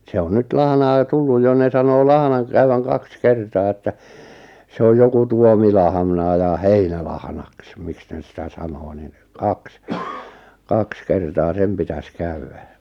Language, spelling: Finnish, se on nyt lahnaa jo tullut jo ne sanoo lahnan kutevan kaksi kertaa että se on joku tuomilahna ja heinälahnaksi miksi ne sitä sanoo niin kaksi kaksi kertaa sen pitäisi käydä
- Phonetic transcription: 'se on 'nyt "lahnaa ʿʲᵒʾ 'tulluj jo ne sanoo 'lahnaŋ kᵘrevaŋ 'kaks 'kertaa että , 'se oj 'joku "tuomilahᵃnà ja "heinälahnaks 'miks néˢ sⁱtä 'sanoo nin , 'kaks , 'kaks 'kertaa 'sem pitäs 'käywä .

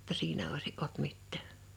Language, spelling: Finnish, jotta siinä olisi ollut mitään
- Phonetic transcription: [jo]tta 'siinä oisi ’olt 'mittᴀ̈̀ .

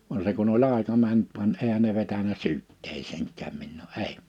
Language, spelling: Finnish, vaan se kun oli aika mennyt vaan eihän ne vetänyt syytteeseenkään minua ei
- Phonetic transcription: va se kun ‿oĺ 'àeka mänt van 'èhä ne vetänä 'syytteesèŋk̆kääm minnuu 'èi .

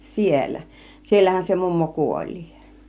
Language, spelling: Finnish, siellä siellähän se mummo kuoli
- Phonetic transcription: 'siel̆lä , 'siellähän se mummo 'kuoĺlii .

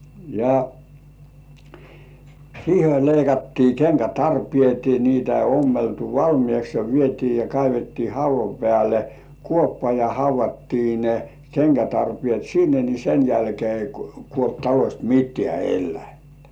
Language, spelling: Finnish, ja siihen oli leikattiin kenkätarpeet niitä ei ommeltu valmiiksi ja vietiin ja kaivettiin haudan päälle kuoppa ja haudattiin ne kenkätarpeet sinne niin sen jälkeen ei kuollut talosta mitään eläintä
- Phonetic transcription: ja , 'siihe oĺ leikattii "keŋkätarpĭèt 'niitä ei ommeltu "valmĭèks ja vietii ja 'kaivettii 'hauv̆va pĕä̀le , "kuoppa ja hauv̆vattii ne , 'keŋkätarpĭèt "sinne ni sen jälkĭè ei kuolt talośt mit̆tĕä̀ elläintᴀ̈ .

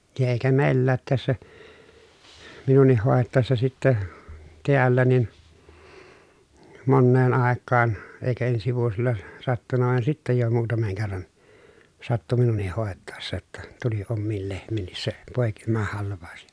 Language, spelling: Finnish, ja eikä meilläkään tässä minunkin hoitaessa sitten täällä niin moneen aikaan eikä ensi vuosilla sattunut vaan sitten jo muutaman kerran sattui minunkin hoitaessa jotta tuli omiin lehmiinkin se poikimahalvaus
- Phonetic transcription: ja èikä mèilläät tässä , minuǹih hòettàessa sittä , teällä nin , monneen àekkaan , èikä ensi vuosilla , sattunna vàen sittä jo muutameŋ kerran , sattu minuǹih hòetàessa ‿tta , tuli ommiil lehm̆miinnis se , pòekimahalv̆vàu̬s .

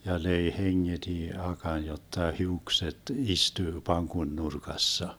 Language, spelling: Finnish, ja löi hengeti akan jotta hiukset istuu pankon nurkassa
- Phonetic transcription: ja 'löi 'heŋŋeDi 'akan jotta 'hiukset 'istyy 'paŋkon 'nurkassa .

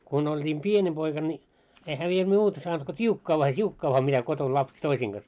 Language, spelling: Finnish, kun oltiin pieni poika niin enhän minä muuta saanut kuin tiukkaa vain tiukkaa vain mitä kotona lapset toisten kanssa
- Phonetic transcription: kun olt́iim "pieńi 'poika ńi , ehä 'mie 'muuta saant ko 't́iukkaa vaa 't́iukkaa vaa mitä koton 'lapset "toisiiŋ ɢas .

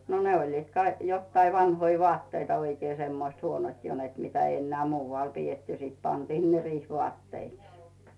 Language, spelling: Finnish, no ne olivat - jotakin vanhoja vaatteita oikein semmoiset huonot jo että mitä ei enää muualla pidetty sitten pantiin ne riihivaatteiksi
- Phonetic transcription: no ne oĺliit kai- , jottai 'vannoi voatteita oikee semmoⁱst 'huonot jo net 'mitä ei enneä̀ 'muuvvàl pi₍etty sit pantii ne 'riih'vᵘàtteiks .

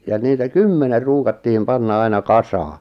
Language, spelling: Finnish, ja niitä kymmenen ruukattiin panna aina kasaan
- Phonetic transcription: ja niitä "kymmener 'ruukatti(h)im 'panna aina "kasaa .

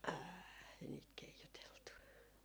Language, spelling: Finnish, ei niitä keijuteltu
- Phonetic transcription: "ääi , niit 'keijuteltu .

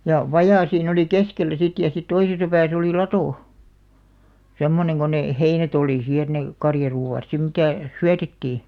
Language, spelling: Finnish, ja vaja siinä oli keskellä sitten ja sitten toisessa päässä oli lato semmoinen kun ne heinät oli siinä että ne karjaruoat sitten mitä syötettiin
- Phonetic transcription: ja , "vajà siin ‿oli "keskellä sit ja sit 'toisesa pääs ‿olì "latò , 'semmoneŋ ko 'nè , "heinä't ‿olì sii et ne , 'karjaruu₍àt sim 'mitä̀ , "syätettii .

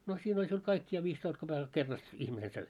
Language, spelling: Finnish, no siinä oli sinulla kaikki ja viisitoista kopeekalla kerrasta ihminen söi
- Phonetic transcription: no 'siin ‿oĺ siul 'kaik ja 'viistoist koʙekal 'kerrast , 'ihmine 'söi .

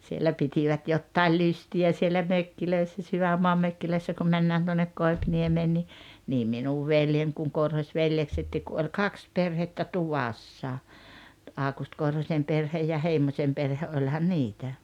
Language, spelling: Finnish, siellä pitivät jotakin lystiä siellä mökeissä sydänmaan mökeissä kun mennään tuonne Koipiniemeen niin niin minun veljen kun Korhosveljeksetkin kun oli kaksi perhettä tuvassa Aukusti Korhosen perhe ja Heimosen perhe olihan niitä
- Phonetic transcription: siellä 'pitivät 'jottail "lysti₍ä siellä 'mökkilöissä 'syvämmoam 'mökkilöissä kum 'männään tuonnek 'Koipniemeen ni , nii 'minuv 'veljen kuŋ 'Korhośveljeksettiik ku oĺ "kaks 'perhettä "tuvassa , 'Àukust 'Korhośem 'perhej ja 'Heimośem perhe '’oĺhan "niitä .

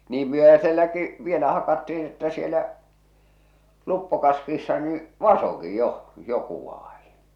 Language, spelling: Finnish, niin myöhäiselläkin vielä hakattiin että siellä luppokaskissa niin vasakin jo joku vaadin
- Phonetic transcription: 'niim 'myöhäselläki , 'vielä hakatti₍iḭ että sielä , 'luppokaskiissa nii , "vasoki 'joʰ , 'joku vaaᴊɪɴ .

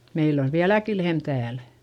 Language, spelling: Finnish, meillä on vieläkin lehmä täällä
- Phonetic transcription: meill ‿ov viäläki lehm tääl .

